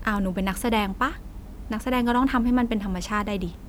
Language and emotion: Thai, frustrated